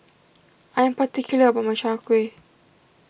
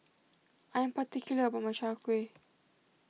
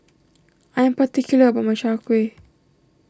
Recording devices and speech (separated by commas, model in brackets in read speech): boundary microphone (BM630), mobile phone (iPhone 6), standing microphone (AKG C214), read sentence